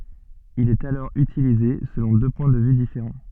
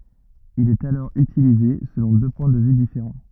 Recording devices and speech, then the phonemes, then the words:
soft in-ear microphone, rigid in-ear microphone, read sentence
il ɛt alɔʁ ytilize səlɔ̃ dø pwɛ̃ də vy difeʁɑ̃
Il est alors utilisé selon deux points de vue différents.

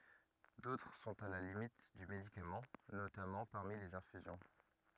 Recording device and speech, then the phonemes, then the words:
rigid in-ear microphone, read sentence
dotʁ sɔ̃t a la limit dy medikamɑ̃ notamɑ̃ paʁmi lez ɛ̃fyzjɔ̃
D'autres sont à la limite du médicament, notamment parmi les infusions.

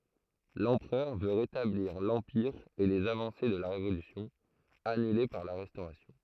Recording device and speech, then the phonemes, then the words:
throat microphone, read sentence
lɑ̃pʁœʁ vø ʁetabliʁ lɑ̃piʁ e lez avɑ̃se də la ʁevolysjɔ̃ anyle paʁ la ʁɛstoʁasjɔ̃
L'empereur veut rétablir l'Empire et les avancées de la Révolution, annulées par la Restauration.

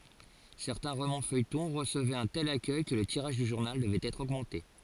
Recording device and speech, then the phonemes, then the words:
forehead accelerometer, read sentence
sɛʁtɛ̃ ʁomɑ̃sfœjtɔ̃ ʁəsəvɛt œ̃ tɛl akœj kə lə tiʁaʒ dy ʒuʁnal dəvɛt ɛtʁ oɡmɑ̃te
Certains romans-feuilletons recevaient un tel accueil que le tirage du journal devait être augmenté.

